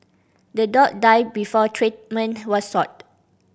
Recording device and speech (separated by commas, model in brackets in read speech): boundary microphone (BM630), read sentence